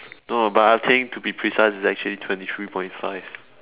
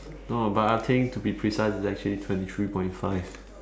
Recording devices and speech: telephone, standing microphone, conversation in separate rooms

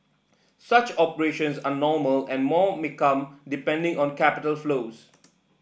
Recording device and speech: boundary microphone (BM630), read sentence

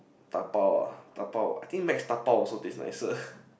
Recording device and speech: boundary microphone, conversation in the same room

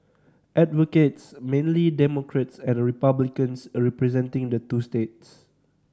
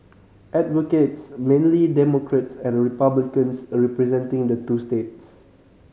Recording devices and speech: standing microphone (AKG C214), mobile phone (Samsung C5010), read sentence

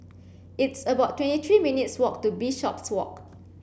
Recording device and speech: boundary microphone (BM630), read sentence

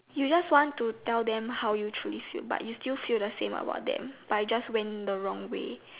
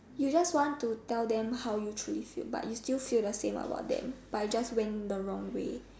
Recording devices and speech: telephone, standing microphone, conversation in separate rooms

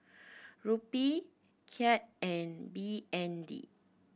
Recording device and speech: boundary microphone (BM630), read sentence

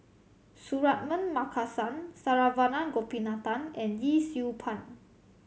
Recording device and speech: mobile phone (Samsung C7100), read sentence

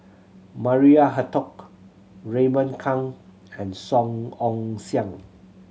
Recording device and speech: mobile phone (Samsung C7100), read sentence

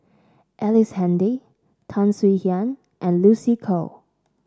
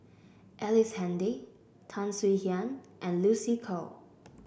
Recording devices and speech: standing microphone (AKG C214), boundary microphone (BM630), read sentence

